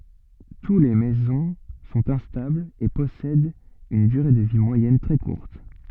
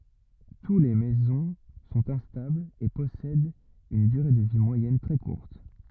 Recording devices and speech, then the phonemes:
soft in-ear microphone, rigid in-ear microphone, read sentence
tu le mezɔ̃ sɔ̃t ɛ̃stablz e pɔsɛdt yn dyʁe də vi mwajɛn tʁɛ kuʁt

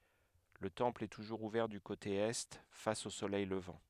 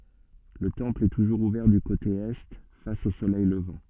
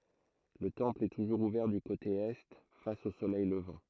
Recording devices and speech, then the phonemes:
headset microphone, soft in-ear microphone, throat microphone, read sentence
lə tɑ̃pl ɛ tuʒuʁz uvɛʁ dy kote ɛ fas o solɛj ləvɑ̃

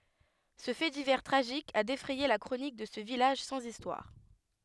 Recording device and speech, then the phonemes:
headset microphone, read sentence
sə fɛ divɛʁ tʁaʒik a defʁɛje la kʁonik də sə vilaʒ sɑ̃z istwaʁ

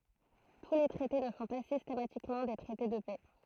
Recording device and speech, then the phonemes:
throat microphone, read sentence
tu le tʁɛte nə sɔ̃ pa sistematikmɑ̃ de tʁɛte də pɛ

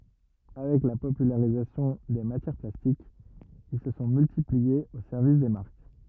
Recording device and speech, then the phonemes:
rigid in-ear microphone, read sentence
avɛk la popylaʁizasjɔ̃ de matjɛʁ plastikz il sə sɔ̃ myltipliez o sɛʁvis de maʁk

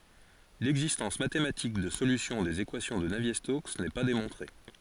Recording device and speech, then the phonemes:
forehead accelerometer, read sentence
lɛɡzistɑ̃s matematik də solysjɔ̃ dez ekwasjɔ̃ də navje stoks nɛ pa demɔ̃tʁe

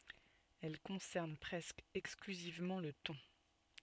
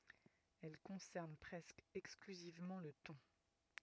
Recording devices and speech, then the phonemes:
soft in-ear microphone, rigid in-ear microphone, read sentence
ɛl kɔ̃sɛʁn pʁɛskə ɛksklyzivmɑ̃ lə tɔ̃

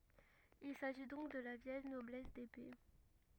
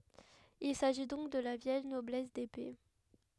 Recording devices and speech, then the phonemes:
rigid in-ear microphone, headset microphone, read sentence
il saʒi dɔ̃k də la vjɛl nɔblɛs depe

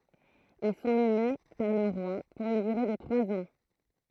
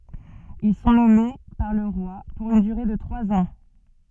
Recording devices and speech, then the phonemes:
throat microphone, soft in-ear microphone, read sentence
il sɔ̃ nɔme paʁ lə ʁwa puʁ yn dyʁe də tʁwaz ɑ̃

